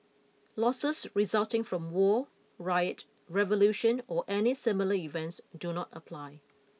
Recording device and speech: mobile phone (iPhone 6), read sentence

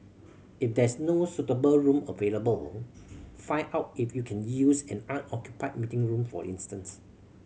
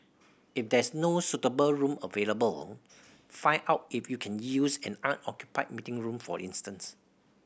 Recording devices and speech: mobile phone (Samsung C7100), boundary microphone (BM630), read sentence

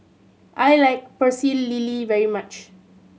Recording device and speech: mobile phone (Samsung C7100), read sentence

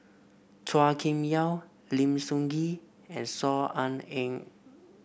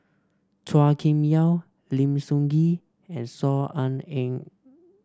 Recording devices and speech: boundary microphone (BM630), standing microphone (AKG C214), read sentence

